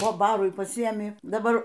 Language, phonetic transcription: Lithuanian, po ˈbarui paˈsiėmi daˈbar

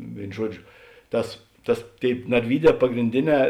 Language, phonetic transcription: Lithuanian, ˈvėin ˈžuoˌdžio ˈtas ˈtas ˈtėip narˈvyˌdē pagrinˈdėˌnē

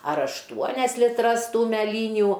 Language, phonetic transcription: Lithuanian, ar ašˈtuonias liˈtras ˈtų mæˈlyniu

